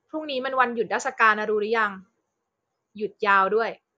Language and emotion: Thai, frustrated